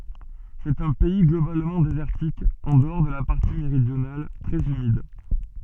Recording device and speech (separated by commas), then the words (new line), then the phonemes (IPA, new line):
soft in-ear microphone, read sentence
C'est un pays globalement désertique, en dehors de la partie méridionale, très humide.
sɛt œ̃ pɛi ɡlobalmɑ̃ dezɛʁtik ɑ̃ dəɔʁ də la paʁti meʁidjonal tʁɛz ymid